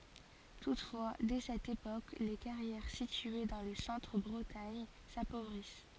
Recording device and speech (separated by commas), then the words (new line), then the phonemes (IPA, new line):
forehead accelerometer, read sentence
Toutefois, dès cette époque, les carrières situées dans le centre Bretagne s'appauvrissent.
tutfwa dɛ sɛt epok le kaʁjɛʁ sitye dɑ̃ lə sɑ̃tʁ bʁətaɲ sapovʁis